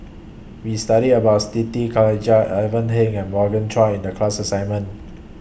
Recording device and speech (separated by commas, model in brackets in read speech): boundary microphone (BM630), read sentence